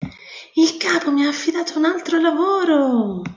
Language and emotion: Italian, happy